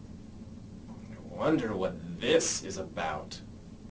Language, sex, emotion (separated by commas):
English, male, disgusted